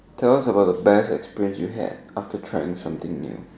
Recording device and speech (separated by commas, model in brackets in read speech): standing microphone, conversation in separate rooms